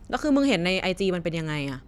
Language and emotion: Thai, neutral